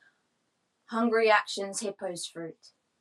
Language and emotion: English, neutral